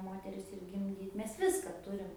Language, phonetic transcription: Lithuanian, ˈmoteris ir gimˈdyt ˈmes ˈviska ˈturim

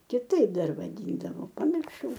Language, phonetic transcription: Lithuanian, kiˈtaip ˈdar vaˈdyndavo pamirˈšau

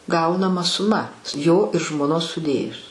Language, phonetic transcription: Lithuanian, ˈgaunama suˈma jo ir žmoˈnos suˈdėjus

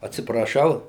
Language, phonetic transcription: Lithuanian, atsipraˈšau

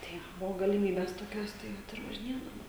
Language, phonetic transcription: Lithuanian, ˈtai ˈbuvo galiˈmybės toˈkios ˈtai ˈvat ir važiˈnėdavom

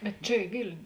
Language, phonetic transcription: Lithuanian, bet ˈčia i ˈvilniu

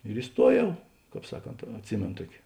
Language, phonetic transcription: Lithuanian, ir iˈstuoˌjau ˈkāp ˈsaˌkont atˈsimėno ˈtuoki

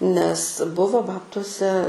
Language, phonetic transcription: Lithuanian, nes ˈbuvo ˈbabtuose

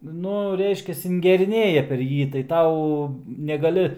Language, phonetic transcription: Lithuanian, ˈnu ˈreiškias ingeriˈnėja per ˈjį tai ˈtau negaˈli

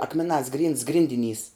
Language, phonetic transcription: Lithuanian, ˈakmeˌnās grynds ˈgrindiˌnys

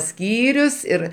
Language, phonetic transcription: Lithuanian, ˈskyrius ir

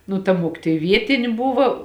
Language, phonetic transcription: Lithuanian, nu ta ˈmuokitoj ˈvietini ˈbuva

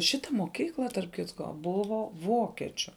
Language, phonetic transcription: Lithuanian, ˈšita moˈkykla tarp ˈkitko ˈbuvo ˈvokečiu

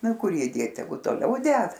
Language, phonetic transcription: Lithuanian, ˈnu ˈkur ˈjį ˈdėt teˈgu toˈliau ˈded

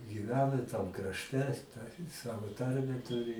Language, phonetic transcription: Lithuanian, gyˈvena i tam krašˈte ta i ˈsavo ˈtarmę ˈturi

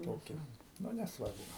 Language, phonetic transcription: Lithuanian, ˈtokį ˈnu nesˈvarbu

